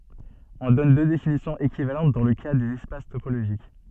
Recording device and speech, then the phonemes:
soft in-ear microphone, read sentence
ɔ̃ dɔn dø definisjɔ̃z ekivalɑ̃t dɑ̃ lə ka dez ɛspas topoloʒik

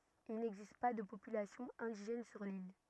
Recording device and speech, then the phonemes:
rigid in-ear microphone, read sentence
il nɛɡzist pa də popylasjɔ̃ ɛ̃diʒɛn syʁ lil

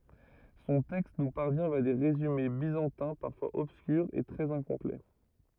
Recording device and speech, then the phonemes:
rigid in-ear microphone, read sentence
sɔ̃ tɛkst nu paʁvjɛ̃ vja de ʁezyme bizɑ̃tɛ̃ paʁfwaz ɔbskyʁz e tʁɛz ɛ̃kɔ̃plɛ

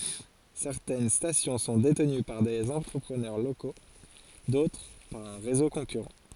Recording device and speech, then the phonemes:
forehead accelerometer, read sentence
sɛʁtɛn stasjɔ̃ sɔ̃ detəny paʁ dez ɑ̃tʁəpʁənœʁ loko dotʁ paʁ œ̃ ʁezo kɔ̃kyʁɑ̃

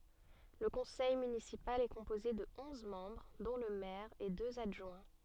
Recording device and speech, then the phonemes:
soft in-ear microphone, read sentence
lə kɔ̃sɛj mynisipal ɛ kɔ̃poze də ɔ̃z mɑ̃bʁ dɔ̃ lə mɛʁ e døz adʒwɛ̃

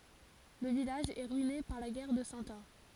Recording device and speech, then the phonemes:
forehead accelerometer, read sentence
lə vilaʒ ɛ ʁyine paʁ la ɡɛʁ də sɑ̃ ɑ̃

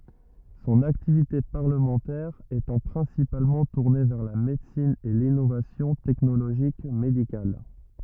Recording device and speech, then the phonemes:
rigid in-ear microphone, read sentence
sɔ̃n aktivite paʁləmɑ̃tɛʁ etɑ̃ pʁɛ̃sipalmɑ̃ tuʁne vɛʁ la medəsin e linovasjɔ̃ tɛknoloʒik medikal

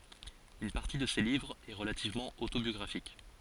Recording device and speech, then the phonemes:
forehead accelerometer, read sentence
yn paʁti də se livʁz ɛ ʁəlativmɑ̃ otobjɔɡʁafik

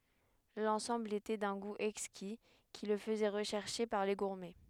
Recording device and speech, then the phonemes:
headset microphone, read sentence
lɑ̃sɑ̃bl etɛ dœ̃ ɡu ɛkski ki lə fəzɛ ʁəʃɛʁʃe paʁ le ɡuʁmɛ

